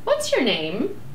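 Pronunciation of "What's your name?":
'What's your name?' is said with a rising intonation, which makes it sound very friendly.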